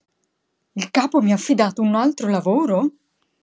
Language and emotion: Italian, surprised